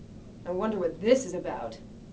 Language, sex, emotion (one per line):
English
female
disgusted